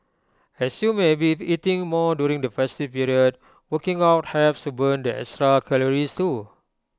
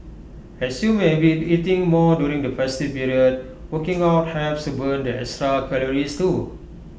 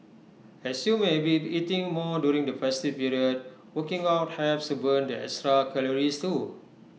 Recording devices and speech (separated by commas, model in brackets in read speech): close-talking microphone (WH20), boundary microphone (BM630), mobile phone (iPhone 6), read sentence